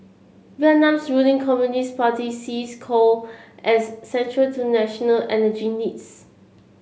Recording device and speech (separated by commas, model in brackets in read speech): mobile phone (Samsung C7), read sentence